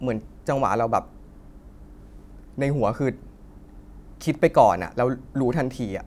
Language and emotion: Thai, frustrated